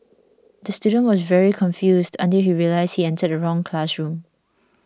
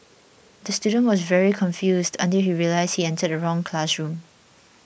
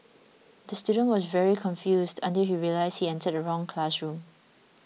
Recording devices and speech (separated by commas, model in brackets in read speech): standing microphone (AKG C214), boundary microphone (BM630), mobile phone (iPhone 6), read sentence